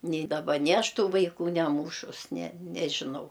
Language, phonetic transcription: Lithuanian, ni daˈba ni ˈaš ˈtų vaiˈkų neˈmūšus ne nežiˈnau

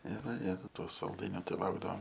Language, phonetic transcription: Lithuanian, ir ir to salˈdainio ˈtai ˈlaukdavom

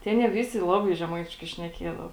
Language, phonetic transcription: Lithuanian, tė ˈanie ˈvisi ˈlabai žeˈmaitiškai šneˈkiedava

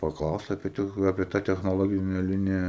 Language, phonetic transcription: Lithuanian, paˈklausė apie ˈtech apie ˈtą technoˈlogine ˈlinija

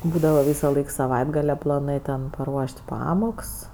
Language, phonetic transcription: Lithuanian, ˈbūdava ˈvysaˌlaik saˈvaitgale plaˈnɜ ten paˈruoš't' ˈpamoks

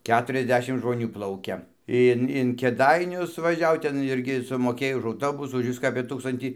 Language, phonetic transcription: Lithuanian, ˈketuriasˌdešim žmoˈnių ˈplaukia ˈin in kėˈdainius vaˈžiau ˈten ˈirgi sumoˈkėj už auˈtobusų už ˈviską apė ˈtūkstantį

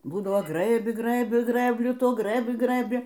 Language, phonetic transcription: Lithuanian, ˈbūdavo ˈgrɘbi ˈgrɘbi ˈgrɘbliu ˈtuo ˈgrɘbi ˈgrɘbi

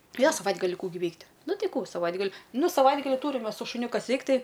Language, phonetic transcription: Lithuanian, ˈjo saˈvaitgali ˈkų gi ˈveikt' ˈnu ˈtai ˈkų saˈvaitgali ˈnū saˈvaitgali ˈtūrim ˈmes su šuˈniu ˈkas ˈveikt ˈtai

